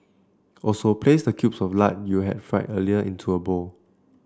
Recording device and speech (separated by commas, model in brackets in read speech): standing microphone (AKG C214), read sentence